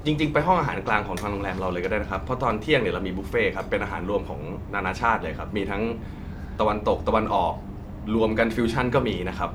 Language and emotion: Thai, neutral